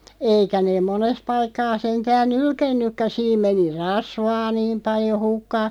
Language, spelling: Finnish, eikä ne monessa paikkaa sentään nylkenytkään siinä meni rasvaa niin paljon hukkaan
- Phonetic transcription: 'eikä neeᵐ "mones paikkaa 'seŋtään "nylkennykkä 'siim meni "rasvaa 'niim paljo 'hukkaa ,.

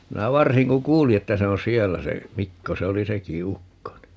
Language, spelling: Finnish, minä varsin kun kuulin että se on siellä se Mikko se oli sekin ukko niin
- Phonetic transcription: 'minä "varsiŋ ku "kuuli että 'se on "siellä se , "Mikko se 'oli 'seki "ukko ni .

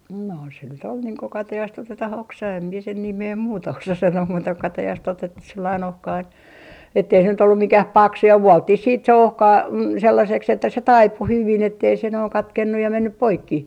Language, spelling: Finnish, no se nyt oli niin kun katajasta otetaan oksa en minä sen nimeä muuta osa sanoa muuta kuin katajasta otettu sellainen ohkainen että ei se nyt ollut mikään paksu ja vuoltiin sitten se ohkainen sellaiseksi että se taipui hyvin että ei se noin katkennut ja mennyt poikki
- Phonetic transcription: no se nyt ‿ol niiŋ ko 'katajast ‿otetah "oksa em mie sen 'nimee "muuta osa sanoo muuta ko 'katajast otettus sellain 'ohkain , ettei se nyt ‿ollu 'mikäh "paksu ja "vuɔlttih siit se "ohkai , 'sellaseks että se "taipu 'hyvin ettei se noiŋ 'katkennuj ja 'mennyp "poikki .

